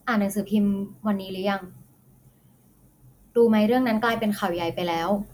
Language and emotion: Thai, frustrated